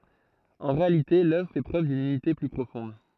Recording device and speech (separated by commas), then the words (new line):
throat microphone, read sentence
En réalité l'œuvre fait preuve d'une unité plus profonde.